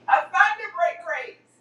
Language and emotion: English, happy